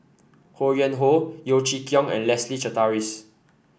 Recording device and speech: boundary microphone (BM630), read sentence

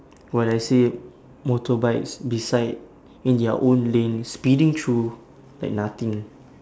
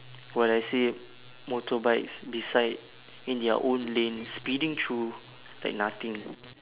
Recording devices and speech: standing microphone, telephone, conversation in separate rooms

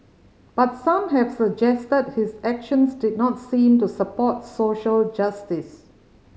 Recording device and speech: mobile phone (Samsung C5010), read sentence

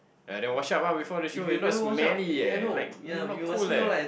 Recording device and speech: boundary microphone, conversation in the same room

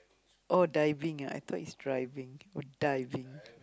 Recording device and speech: close-talking microphone, conversation in the same room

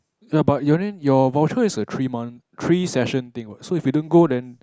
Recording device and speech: close-talking microphone, conversation in the same room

